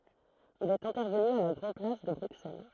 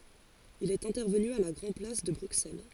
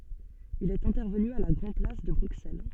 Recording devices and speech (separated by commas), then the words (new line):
throat microphone, forehead accelerometer, soft in-ear microphone, read sentence
Il est intervenu à la Grand-Place de Bruxelles.